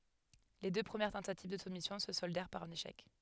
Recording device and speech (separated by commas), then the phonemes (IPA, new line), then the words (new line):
headset microphone, read sentence
le dø pʁəmjɛʁ tɑ̃tativ də sumisjɔ̃ sə sɔldɛʁ paʁ œ̃n eʃɛk
Les deux premières tentatives de soumission se soldèrent par un échec.